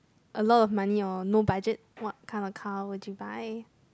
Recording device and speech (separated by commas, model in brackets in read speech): close-talking microphone, conversation in the same room